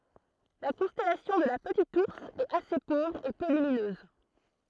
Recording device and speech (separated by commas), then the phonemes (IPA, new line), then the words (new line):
throat microphone, read sentence
la kɔ̃stɛlasjɔ̃ də la pətit uʁs ɛt ase povʁ e pø lyminøz
La constellation de la Petite Ourse est assez pauvre et peu lumineuse.